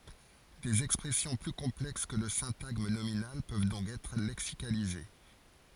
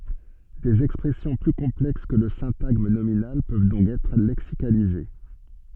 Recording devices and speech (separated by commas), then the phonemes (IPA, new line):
forehead accelerometer, soft in-ear microphone, read sentence
dez ɛkspʁɛsjɔ̃ ply kɔ̃plɛks kə lə sɛ̃taɡm nominal pøv dɔ̃k ɛtʁ lɛksikalize